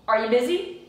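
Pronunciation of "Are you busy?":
In 'Are you busy?', 'are' and 'you' are linked together. 'You' is not really stressed, so the full word is lost.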